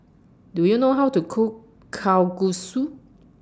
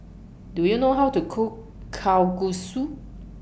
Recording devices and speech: standing microphone (AKG C214), boundary microphone (BM630), read sentence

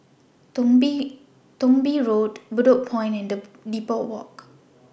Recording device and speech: boundary microphone (BM630), read sentence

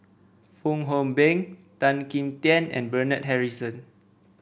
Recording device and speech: boundary microphone (BM630), read sentence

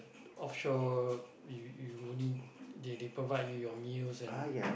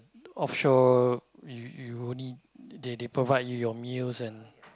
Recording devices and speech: boundary microphone, close-talking microphone, conversation in the same room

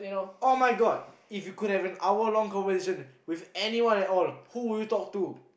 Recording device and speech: boundary microphone, conversation in the same room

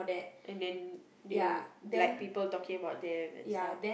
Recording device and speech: boundary microphone, conversation in the same room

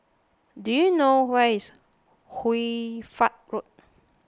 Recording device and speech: close-talking microphone (WH20), read sentence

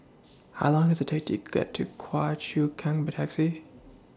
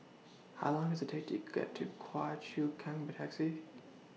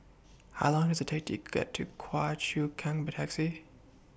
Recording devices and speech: standing microphone (AKG C214), mobile phone (iPhone 6), boundary microphone (BM630), read sentence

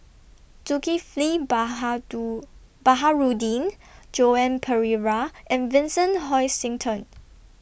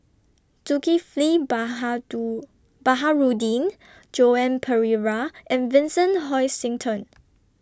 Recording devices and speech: boundary microphone (BM630), standing microphone (AKG C214), read sentence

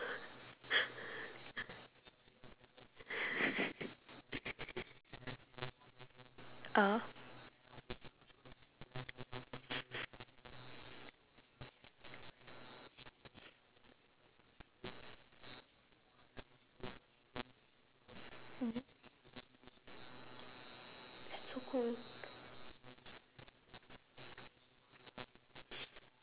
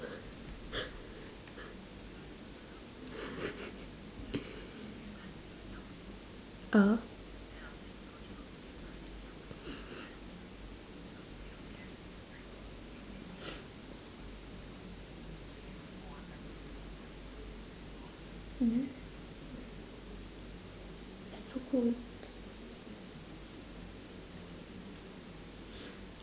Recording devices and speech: telephone, standing microphone, conversation in separate rooms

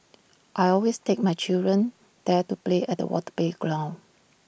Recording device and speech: boundary microphone (BM630), read sentence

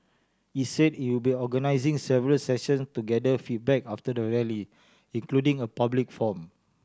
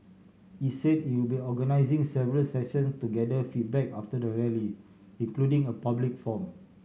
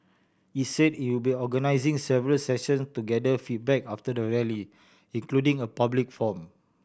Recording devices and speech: standing microphone (AKG C214), mobile phone (Samsung C7100), boundary microphone (BM630), read sentence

